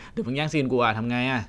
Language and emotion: Thai, happy